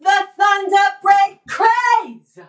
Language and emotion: English, angry